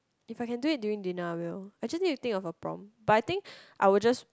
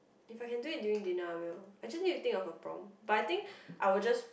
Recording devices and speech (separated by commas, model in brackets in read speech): close-talking microphone, boundary microphone, conversation in the same room